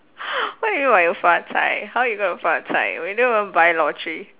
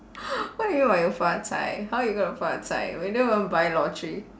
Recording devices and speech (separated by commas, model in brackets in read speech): telephone, standing microphone, conversation in separate rooms